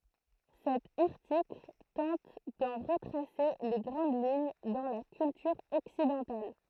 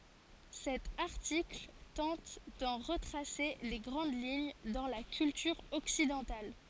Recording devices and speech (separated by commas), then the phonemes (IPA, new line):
throat microphone, forehead accelerometer, read sentence
sɛt aʁtikl tɑ̃t dɑ̃ ʁətʁase le ɡʁɑ̃d liɲ dɑ̃ la kyltyʁ ɔksidɑ̃tal